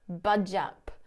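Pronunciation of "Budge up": In 'Budge up', the two words are not separated. They are pushed together with no break between them.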